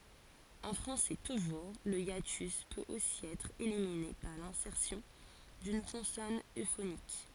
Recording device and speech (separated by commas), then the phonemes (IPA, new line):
forehead accelerometer, read sentence
ɑ̃ fʁɑ̃sɛ tuʒuʁ lə jatys pøt osi ɛtʁ elimine paʁ lɛ̃sɛʁsjɔ̃ dyn kɔ̃sɔn øfonik